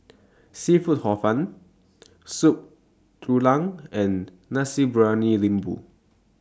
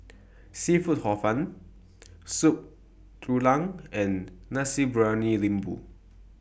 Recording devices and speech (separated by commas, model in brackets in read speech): standing microphone (AKG C214), boundary microphone (BM630), read sentence